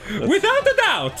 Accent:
Italian accent